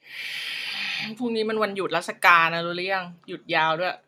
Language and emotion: Thai, frustrated